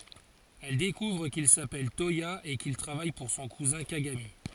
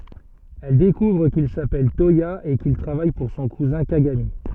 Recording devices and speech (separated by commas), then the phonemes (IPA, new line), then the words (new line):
forehead accelerometer, soft in-ear microphone, read sentence
ɛl dekuvʁ kil sapɛl twaja e kil tʁavaj puʁ sɔ̃ kuzɛ̃ kaɡami
Elle découvre qu'il s'appelle Toya et qu'il travaille pour son cousin Kagami.